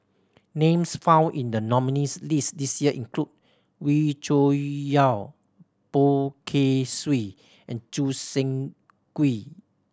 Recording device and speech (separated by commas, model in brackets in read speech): standing microphone (AKG C214), read sentence